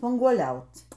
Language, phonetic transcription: Lithuanian, spanguoˈliauc

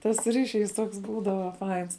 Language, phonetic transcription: Lithuanian, tas ˈryšˌys ˈtoks ˈbūdava ˈfains

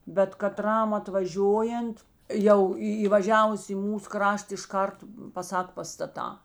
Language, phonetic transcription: Lithuanian, bet kaˈtram atvaˈžiojant ˈjau į įvaˈžiavus į ˈmūs ˈkrašt išˈkart paˈsak pastaˈtā

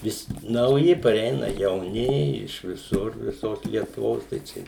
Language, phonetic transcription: Lithuanian, ˈvis nauˈji pareiˈna jauˈni iš viˈsur viˈsos lietuˈvos tai ˈčia

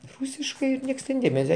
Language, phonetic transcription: Lithuanian, ˈrusiškai ˈnieks ten ˈdėmese

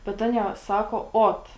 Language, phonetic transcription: Lithuanian, bet ˈanie ˈsako ˈot

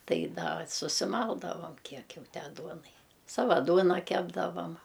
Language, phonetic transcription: Lithuanian, ˈtai ˈda susiˈmaldavam ˈkiek ˈjau ˈtę ˈduonai ˈsava ˈduona ˈkepdavam

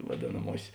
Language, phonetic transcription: Lithuanian, vaˈdėnamuosės

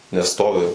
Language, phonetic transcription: Lithuanian, nes ˈstovi

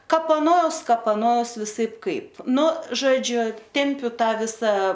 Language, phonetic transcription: Lithuanian, kapaˈnoaus kapaˈnoaus viˈsaip ˈkaip ˈnu žoˈdžiu ˈtempiu ˈtą ˈvisa

